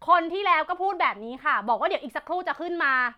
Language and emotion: Thai, angry